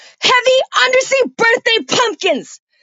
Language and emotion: English, angry